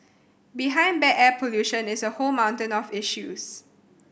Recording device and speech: boundary microphone (BM630), read sentence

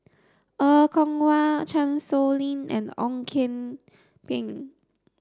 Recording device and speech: standing microphone (AKG C214), read sentence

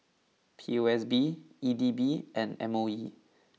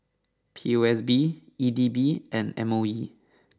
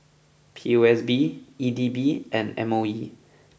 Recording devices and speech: mobile phone (iPhone 6), standing microphone (AKG C214), boundary microphone (BM630), read sentence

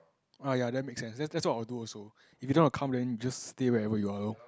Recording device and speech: close-talking microphone, conversation in the same room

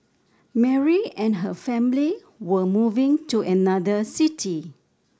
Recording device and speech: standing microphone (AKG C214), read sentence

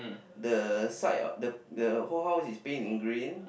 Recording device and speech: boundary microphone, conversation in the same room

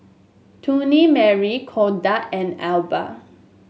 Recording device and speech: mobile phone (Samsung S8), read sentence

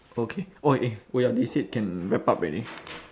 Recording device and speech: standing microphone, conversation in separate rooms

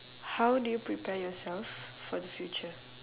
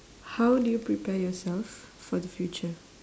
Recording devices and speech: telephone, standing microphone, conversation in separate rooms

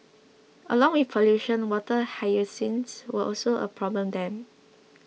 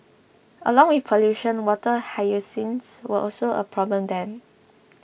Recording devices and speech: mobile phone (iPhone 6), boundary microphone (BM630), read sentence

